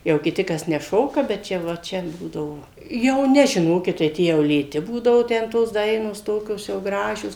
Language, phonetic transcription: Lithuanian, jau kiˈti ˈkas neˈšoka bet ˈčia va ˈčia ˈbūdavo jau ˈne žiˈnokit tai ˈtie jau lėˈti ˈbūdavu ˈten tos ˈdainos ˈtokios jau ˈgražios

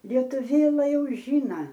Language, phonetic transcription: Lithuanian, ˈlietuvėla ˈjau ˈžyna

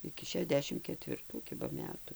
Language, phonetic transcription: Lithuanian, iki šeˈdešim ketvirˈtų ˈkiba ˈmetu

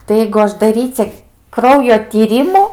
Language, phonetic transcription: Lithuanian, tai ˈjeigu ˈaš daˈryce ˈkraujo tyˈrimų

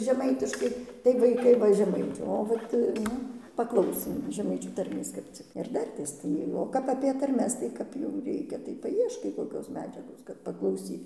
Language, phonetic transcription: Lithuanian, žeˈmaitiškai tai vaiˈkai ˈva žemaiˈčiavo tai ˈnu paˈklausėm žeˈmaičių tarˈmės kap ˈcik ir ˈdartės ˈtai o ˈkap apie tarˈmes tai ˈkap jau ˈreikia tai paˈieškai koˈkios ˈmedžiagos kad paklauˈsyt

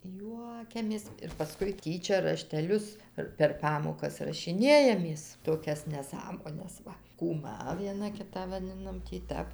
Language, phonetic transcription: Lithuanian, ˈjuokiamės ir paˈskui ˈtyčia rašteˈlius ir per ˈpamokas rašiˈnėjamės toˈkias neˈsąmones ˈva kūˈma vieˈna ˈkitą vaˈdinam tį ˈtæp

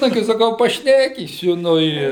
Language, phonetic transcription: Lithuanian, ˈnagi saˈkau paˈšnekysiu ˈnu i

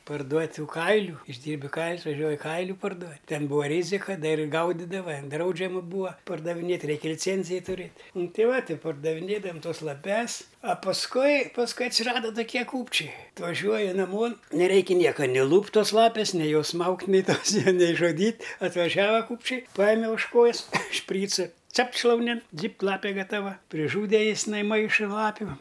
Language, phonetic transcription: Lithuanian, parˈduot' ˈtų ˈkailiu išˈdyrbi ˈkailius vaˈžiuoji ˈkailiu parˈduot' ˈten ˈbūa ˈrizika ˈdar ir ˈgaudidava ˈdraudžiama ˈbūa pardaviˈnėt' ˈreik' liˈcėnzija tuˈrėt' ˈnu ˈtei ˈva ˈtai pardaviˈnėdavam ˈtuos laˈpes a pasˈkui pasˈkui atsiˈrada toˈkie ˈkūpčiai atvaˈžiuoja naˈmon neˈraikia ˈnieka ni ˈlūpt' ˈtos ˈlapis ni ˈjos ˈsmaugt' ni ˈtos' nei žoˈdyt' atvaˈžiava ˈkūpčiai ˈpajeme už ˈkojus ˈšpryca ˈcapt' šlauˈnin ˈdzypt' ˈlapė gataˈva priˈžūde jis nai ˈmaiša ˈlapiu

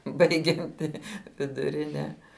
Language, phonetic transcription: Lithuanian, ˈbaigianti viduˈrine

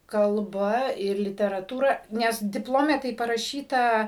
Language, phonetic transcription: Lithuanian, kalˈba ir literaˈtūra ˈnes dipˈlome tai paraˈšyta

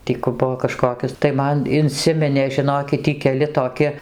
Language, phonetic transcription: Lithuanian, ˈtį ku ˈbuvo kaˈžkokios tai ˈman inˈsiminė žiˈnokit ˈtį keˈli toˈki

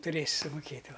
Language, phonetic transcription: Lithuanian, tuˈrėsi sumuˈkėt' ˈva

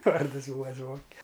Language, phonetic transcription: Lithuanian, ˈvardɨs ˈbūa ˈzvonke

